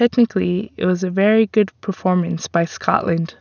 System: none